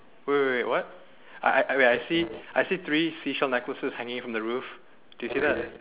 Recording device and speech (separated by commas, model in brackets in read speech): telephone, conversation in separate rooms